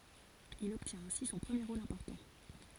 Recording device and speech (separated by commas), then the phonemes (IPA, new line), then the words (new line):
forehead accelerometer, read sentence
il ɔbtjɛ̃t ɛ̃si sɔ̃ pʁəmje ʁol ɛ̃pɔʁtɑ̃
Il obtient ainsi son premier rôle important.